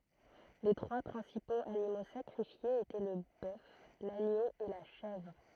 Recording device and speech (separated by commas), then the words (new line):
throat microphone, read sentence
Les trois principaux animaux sacrifiés étaient le bœuf, l'agneau et la chèvre.